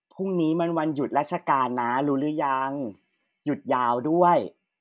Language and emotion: Thai, neutral